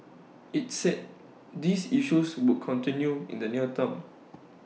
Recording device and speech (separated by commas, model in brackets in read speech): mobile phone (iPhone 6), read sentence